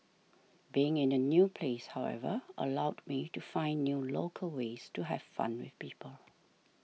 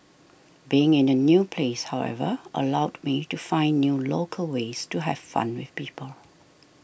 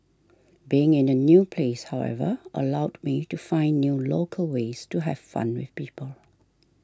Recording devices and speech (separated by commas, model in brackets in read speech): mobile phone (iPhone 6), boundary microphone (BM630), standing microphone (AKG C214), read sentence